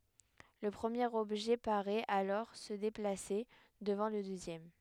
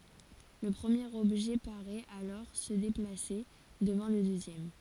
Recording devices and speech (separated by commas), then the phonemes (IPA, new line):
headset microphone, forehead accelerometer, read sentence
lə pʁəmjeʁ ɔbʒɛ paʁɛt alɔʁ sə deplase dəvɑ̃ lə døzjɛm